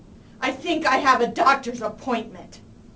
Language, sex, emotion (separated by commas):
English, female, angry